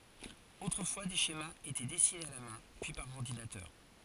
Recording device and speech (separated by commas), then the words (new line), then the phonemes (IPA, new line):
forehead accelerometer, read sentence
Autrefois, des schémas étaient dessinés à la main, puis par ordinateur.
otʁəfwa de ʃemaz etɛ dɛsinez a la mɛ̃ pyi paʁ ɔʁdinatœʁ